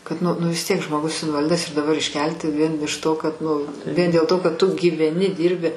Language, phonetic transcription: Lithuanian, kad ˈnu nu vis ˈtiek žmoˈgus invaˈlidas ir daˈbar išˈkelti vien iš to kad ˈnu vien dėl ˈto kad ˈtu gyveˈni ˈdyrbi

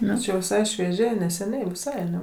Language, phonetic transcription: Lithuanian, ˈnu čia jau viˈsai švieˈžiai neseˈniai viˈsai aˈne

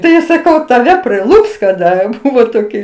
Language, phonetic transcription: Lithuanian, ˈtai saˈkau taˈve priˈlups kaˈda ˈbuvo ˈtoki

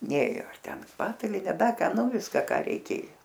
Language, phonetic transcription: Lithuanian, ˈnėjo ar ˈten ˈpataline ˈda ˈka ˈnu ˈviska ˈką reiˈkėjo

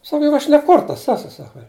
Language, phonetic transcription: Lithuanian, ˈsaka jug ˈaš ne ˈkurtas ˈesu ˈsaka

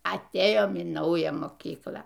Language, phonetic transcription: Lithuanian, atˈėjom į ˈnaują moˈkyklą

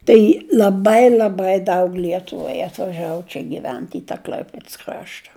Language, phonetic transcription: Lithuanian, ˈtai l'aˈbai l'aˈbai ˈdaug ˈlietuvai atvaˈžavu ˈčia giˈvent i tą ˈkl'aipėds ˈkrašta

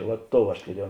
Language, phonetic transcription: Lithuanian, vat ˈtou aš tuˈriejau

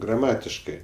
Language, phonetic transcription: Lithuanian, graˈmatiškɜ

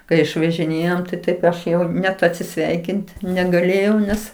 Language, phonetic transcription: Lithuanian, kai išvažiˈnėjom tai ˈtaip ˈaš ˈjau net atsiˈsveikint negaˈlėjau ˈnes

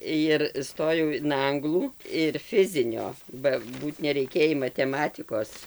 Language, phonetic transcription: Lithuanian, jir ˈstojau in ˈanglų ir ˈfizinio ba ˈbūt nereiˈkėjį mateˈmatikos

